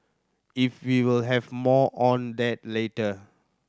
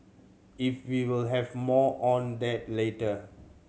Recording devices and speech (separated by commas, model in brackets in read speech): standing microphone (AKG C214), mobile phone (Samsung C7100), read sentence